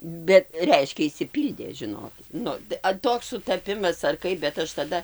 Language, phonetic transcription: Lithuanian, ˈbet ˈreiškia išsiˈpyldė ˈžinokit ˈnu ta a ˈtoks sutaˈpimas ar ˈkaip bet ˈaš taˈda

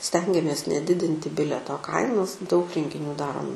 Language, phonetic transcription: Lithuanian, ˈstengiamės neˈdidinti ˈbileto ˈkainos daug rengiˈnių ˈdarom

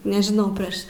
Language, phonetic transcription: Lithuanian, nežiˈnau ˈprėš

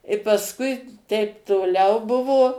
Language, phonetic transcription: Lithuanian, i pasˈkui ˈteip toˈliau ˈbuvo

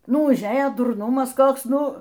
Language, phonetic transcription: Lithuanian, ˈnu užˈėja durˈnumas ˈkoks ˈnu

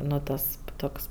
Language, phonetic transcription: Lithuanian, ˈnu tas ˈtoks

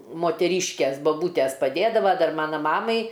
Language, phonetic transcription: Lithuanian, moteˈryškės baˈbūtes paˈdėdava ˈdar ˈmana ˈmamai

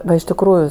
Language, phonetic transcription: Lithuanian, ˈva iš tikˈrųju

